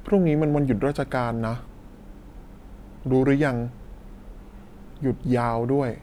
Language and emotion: Thai, neutral